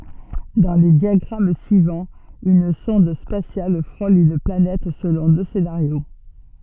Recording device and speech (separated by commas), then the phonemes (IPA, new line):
soft in-ear microphone, read sentence
dɑ̃ le djaɡʁam syivɑ̃z yn sɔ̃d spasjal fʁol yn planɛt səlɔ̃ dø senaʁjo